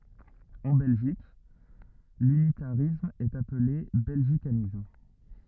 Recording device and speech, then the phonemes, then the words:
rigid in-ear microphone, read sentence
ɑ̃ bɛlʒik lynitaʁism ɛt aple bɛlʒikanism
En Belgique, l'unitarisme est appelé belgicanisme.

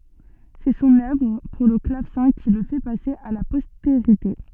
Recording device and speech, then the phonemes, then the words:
soft in-ear microphone, read sentence
sɛ sɔ̃n œvʁ puʁ lə klavsɛ̃ ki lə fɛ pase a la pɔsteʁite
C'est son œuvre pour le clavecin qui le fait passer à la postérité.

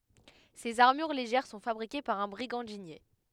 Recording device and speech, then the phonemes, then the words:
headset microphone, read sentence
sez aʁmyʁ leʒɛʁ sɔ̃ fabʁike paʁ œ̃ bʁiɡɑ̃dinje
Ces armures légères sont fabriquées par un brigandinier.

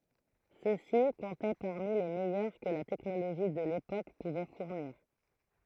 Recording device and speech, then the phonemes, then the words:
throat microphone, read sentence
sø si kɔ̃tɛ paʁmi le mɛjœʁ kə la tɛknoloʒi də lepok puvɛ fuʁniʁ
Ceux-ci comptaient parmi les meilleurs que la technologie de l'époque pouvait fournir.

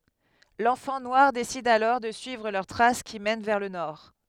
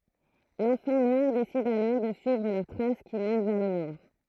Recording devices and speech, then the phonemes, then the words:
headset microphone, throat microphone, read sentence
lɑ̃fɑ̃ nwaʁ desid alɔʁ də syivʁ lœʁ tʁas ki mɛn vɛʁ lə nɔʁ
L'enfant noir décide alors de suivre leurs traces qui mènent vers le nord.

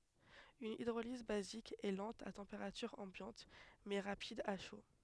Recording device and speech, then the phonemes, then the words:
headset microphone, read sentence
yn idʁoliz bazik ɛ lɑ̃t a tɑ̃peʁatyʁ ɑ̃bjɑ̃t mɛ ʁapid a ʃo
Une hydrolyse basique est lente a température ambiante mais rapide à chaud.

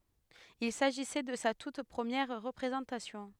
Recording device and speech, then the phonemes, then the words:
headset microphone, read sentence
il saʒisɛ də sa tut pʁəmjɛʁ ʁəpʁezɑ̃tasjɔ̃
Il s'agissait de sa toute première représentation.

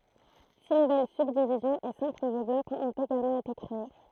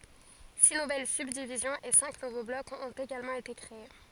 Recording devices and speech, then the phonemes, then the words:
throat microphone, forehead accelerometer, read sentence
si nuvɛl sybdivizjɔ̃z e sɛ̃k nuvo blɔkz ɔ̃t eɡalmɑ̃ ete kʁee
Six nouvelles subdivisions et cinq nouveaux blocs ont également été créés.

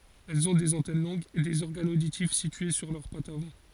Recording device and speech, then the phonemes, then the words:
forehead accelerometer, read sentence
ɛlz ɔ̃ dez ɑ̃tɛn lɔ̃ɡz e dez ɔʁɡanz oditif sitye syʁ lœʁ patz avɑ̃
Elles ont des antennes longues, et des organes auditifs situés sur leurs pattes avant.

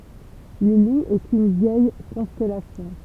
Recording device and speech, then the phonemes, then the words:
temple vibration pickup, read sentence
lə lu ɛt yn vjɛj kɔ̃stɛlasjɔ̃
Le Loup est une vieille constellation.

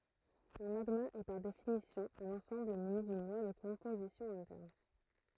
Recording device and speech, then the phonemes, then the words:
throat microphone, read sentence
œ̃ maɡma ɛ paʁ definisjɔ̃ œ̃n ɑ̃sɑ̃bl myni dyn lwa də kɔ̃pozisjɔ̃ ɛ̃tɛʁn
Un magma est par définition un ensemble muni d'une loi de composition interne.

